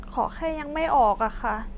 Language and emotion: Thai, sad